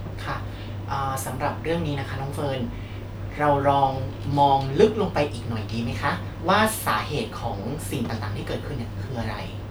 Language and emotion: Thai, neutral